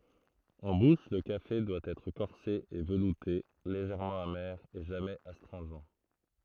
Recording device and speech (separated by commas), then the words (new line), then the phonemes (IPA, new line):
throat microphone, read sentence
En bouche, le café doit être corsé et velouté, légèrement amer et jamais astringent.
ɑ̃ buʃ lə kafe dwa ɛtʁ kɔʁse e vəlute leʒɛʁmɑ̃ ame e ʒamɛz astʁɛ̃ʒɑ̃